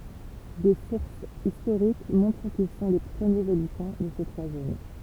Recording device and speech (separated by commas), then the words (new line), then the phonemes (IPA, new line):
temple vibration pickup, read sentence
Des sources historiques montrent qu'ils sont les premiers habitants de ces trois zones.
de suʁsz istoʁik mɔ̃tʁ kil sɔ̃ le pʁəmjez abitɑ̃ də se tʁwa zon